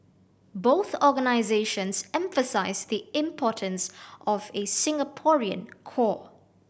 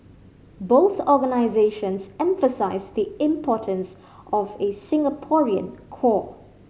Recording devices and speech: boundary microphone (BM630), mobile phone (Samsung C5010), read sentence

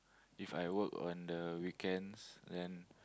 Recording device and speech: close-talking microphone, conversation in the same room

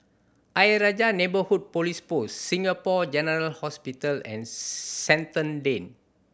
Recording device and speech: boundary microphone (BM630), read sentence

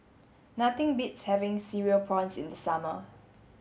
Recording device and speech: mobile phone (Samsung S8), read sentence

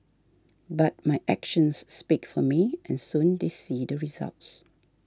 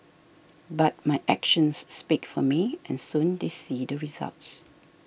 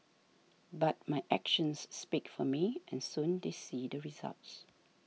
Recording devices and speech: standing microphone (AKG C214), boundary microphone (BM630), mobile phone (iPhone 6), read sentence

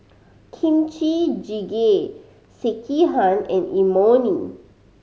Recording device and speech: mobile phone (Samsung C5010), read sentence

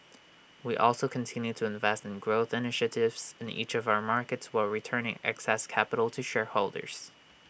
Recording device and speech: boundary microphone (BM630), read sentence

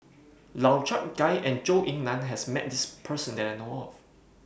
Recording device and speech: boundary microphone (BM630), read sentence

